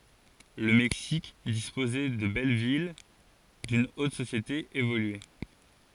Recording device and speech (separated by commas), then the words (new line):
forehead accelerometer, read sentence
Le Mexique disposait de belles villes, d'une haute société évoluée.